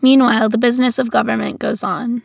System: none